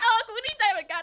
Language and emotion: Thai, happy